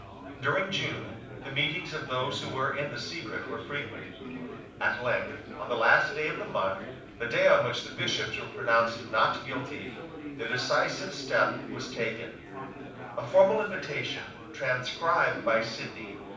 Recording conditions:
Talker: one person; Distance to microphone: 5.8 m; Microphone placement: far; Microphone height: 1.8 m; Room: medium-sized (5.7 m by 4.0 m); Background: babble

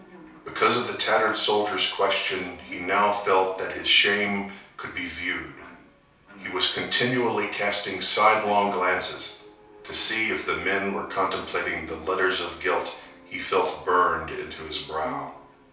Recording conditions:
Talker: one person; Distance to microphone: 3.0 m; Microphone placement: far; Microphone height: 1.8 m; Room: small (3.7 m by 2.7 m); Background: television

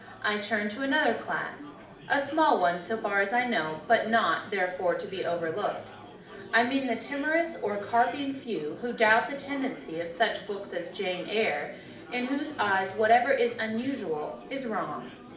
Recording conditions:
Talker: one person; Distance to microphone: 2.0 m; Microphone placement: close; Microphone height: 99 cm; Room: medium-sized (5.7 m by 4.0 m); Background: babble

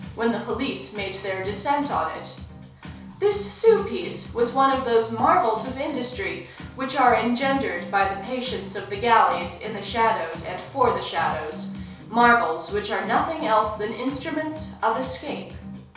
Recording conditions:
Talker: one person; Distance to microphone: 3.0 m; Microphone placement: far; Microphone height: 1.8 m; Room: small (3.7 m by 2.7 m); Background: music

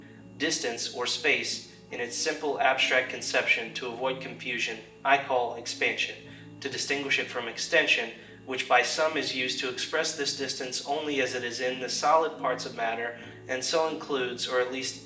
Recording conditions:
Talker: one person; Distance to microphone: 1.8 m; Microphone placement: close; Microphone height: 1.0 m; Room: large; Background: music

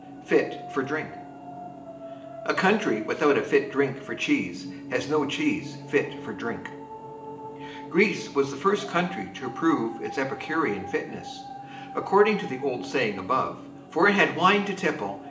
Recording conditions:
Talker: one person; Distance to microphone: 1.8 m; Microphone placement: close; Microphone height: 1.0 m; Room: large; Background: television

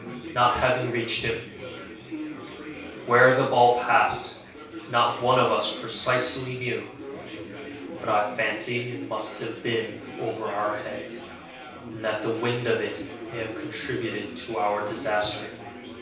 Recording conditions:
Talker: one person; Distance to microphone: 3.0 m; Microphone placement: far; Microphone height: 1.8 m; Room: small (3.7 m by 2.7 m); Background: babble

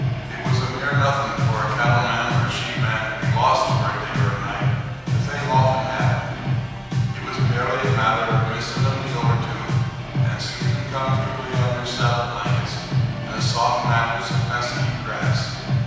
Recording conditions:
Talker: one person; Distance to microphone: 7.1 m; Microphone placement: far; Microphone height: 1.7 m; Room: very reverberant, large; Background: music

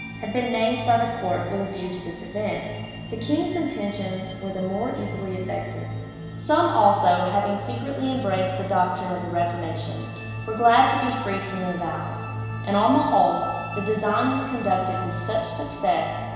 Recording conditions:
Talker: one person; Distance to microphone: 1.7 m; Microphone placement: close; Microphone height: 1.0 m; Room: very reverberant, large; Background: music

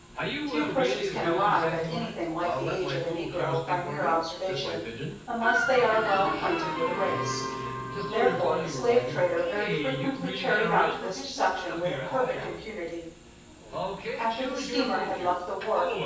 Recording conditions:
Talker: one person; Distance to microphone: 9.8 m; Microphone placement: far; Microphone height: 1.8 m; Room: large; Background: television

